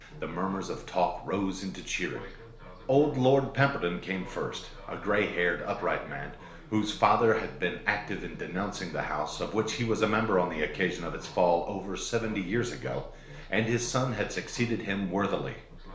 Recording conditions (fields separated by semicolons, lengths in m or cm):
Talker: one person; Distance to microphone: 1.0 m; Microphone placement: close; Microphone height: 1.1 m; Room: small (3.7 m by 2.7 m); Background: television